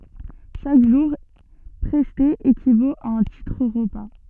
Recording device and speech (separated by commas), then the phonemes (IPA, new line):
soft in-ear microphone, read sentence
ʃak ʒuʁ pʁɛste ekivot a œ̃ titʁ ʁəpa